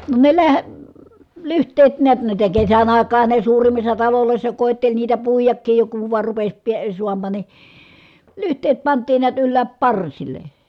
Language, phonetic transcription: Finnish, no ne läh- , lyht̀eet niät niitä kesän àik̀aan̬ha ne suurim̆missa talolòi̮ssa kòetteĺ niitä puijakkiij jo kuv vài̮r rupes (piə) suammaan ni , lyht̀eet pant̆tiin niät yllääp parsil̆le .
- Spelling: no ne - lyhteet näet niitä kesän aikaanhan ne suurimmissa taloissa koetteli niitä puidakin jo kun vain rupesi pian saamaan niin lyhteet pantiin näet ylös parsille

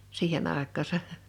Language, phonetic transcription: Finnish, 'siihen ‿àekk̆aasa .
- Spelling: siihen aikaansa

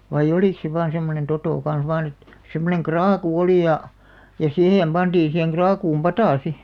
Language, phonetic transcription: Finnish, vai"ʲ ‿olìk se vaan semmonen 'totò kan̬s vaan ‿et , semmoneŋ "kraaku "oli ja , ja "sihèm 'ʙanᴅiin̬ siheŋ 'ɢraakuum "patà 'si .
- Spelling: vain oliko se vain semmoinen toto kanssa vain että semmoinen kraakku oli ja ja siihen pantiin siihen kraakkuun pata sitten

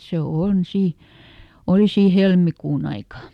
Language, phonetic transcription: Finnish, se "on ˈsì , "oli sii ˈhelmikuun ‿aika .
- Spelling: se on siinä oli siinä helmikuun aikaa

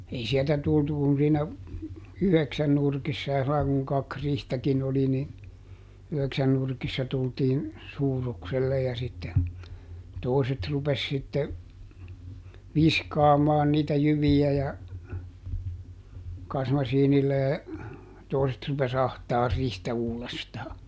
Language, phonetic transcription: Finnish, ˈei sieltä ˈtultu kun siinä , "yheksän nurkissa ja sillai kuŋ ˈkak ˈrihtäkiˈn ‿oli ni , ˈyheksän nurkissa ˈtultiin , ˈsuurukselle ja sitte , ˈtòiset rupes sitte , "viskaamaan niitä ˈjyvi₍ä ja , "kasmasiinillä (ja) , ˈtòi̮set rupes "ahtaar ˈrihtä ˈuulestaa .
- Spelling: ei sieltä tultu kuin siinä yhdeksän nurkissa ja sillä lailla kun kaksi riihtäkin oli niin yhdeksän nurkissa tultiin suurukselle ja sitten toiset rupesi sitten viskaamaan niitä jyviä ja kasmasiinilla ja toiset rupesi ahtaamaan riihtä uudestaan

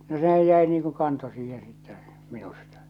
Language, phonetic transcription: Finnish, no 'sehäj 'jäi niiŋ ku 'kanto siiheḛ sittɛ , 'minustᴀ .
- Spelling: no sehän jäi niin kuin kanto siihen sitten minusta

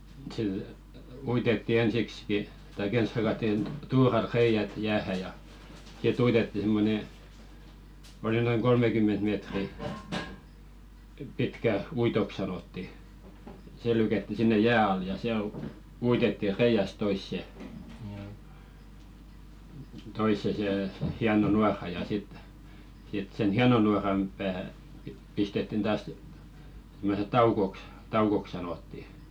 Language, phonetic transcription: Finnish, sə- , 'uitetti ensikski , tai"k ‿ens hakattin , 'tuural 'reiʲät 'jäähä ja , si"t ‿uitetti simmone , oli noiŋ "kolmekymment meetri , 'pitkä "uitok sanotti , 'se lykätti sinne "jää al ja 'siäl , u- 'uitetti 'reiʲäsᵗ 'toisse , toisse sè , 'hiano 'nuara ja sit , sit sen "hiano nuaram pää pi- , 'pistettin 'taas , simmose "taukoks , 'taukok sanotti .
- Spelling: - uitettiin ensiksikin tai ensin hakattiin tuuralla reiät jäähän ja sitten uitettiin semmoinen oli noin kolmekymmentä metriä pitkä uitoksi sanottiin se lykättiin sinne jään alle ja siellä - uitettiin reiästä toiseen toiseen se hieno nuora ja sitten sitten sen hienon nuoran pää - pistettiin taas semmoisen taukoksi taukoksi sanottiin

